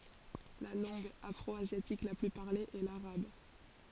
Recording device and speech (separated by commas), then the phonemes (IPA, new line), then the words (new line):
forehead accelerometer, read sentence
la lɑ̃ɡ afʁɔazjatik la ply paʁle ɛ laʁab
La langue afro-asiatique la plus parlée est l'arabe.